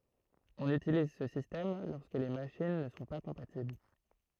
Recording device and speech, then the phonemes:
throat microphone, read sentence
ɔ̃n ytiliz sə sistɛm lɔʁskə le maʃin nə sɔ̃ pa kɔ̃patibl

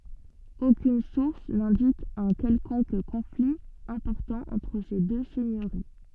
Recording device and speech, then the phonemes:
soft in-ear microphone, read sentence
okyn suʁs nɛ̃dik œ̃ kɛlkɔ̃k kɔ̃fli ɛ̃pɔʁtɑ̃ ɑ̃tʁ se dø sɛɲøʁi

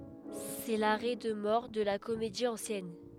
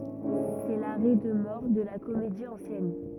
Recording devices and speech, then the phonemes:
headset microphone, rigid in-ear microphone, read sentence
sɛ laʁɛ də mɔʁ də la komedi ɑ̃sjɛn

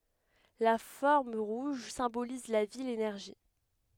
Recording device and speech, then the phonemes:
headset microphone, read sentence
la fɔʁm ʁuʒ sɛ̃boliz la vi lenɛʁʒi

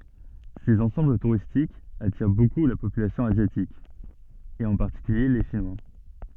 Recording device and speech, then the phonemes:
soft in-ear microphone, read sentence
sez ɑ̃sɑ̃bl tuʁistikz atiʁ boku la popylasjɔ̃ azjatik e ɑ̃ paʁtikylje le ʃinwa

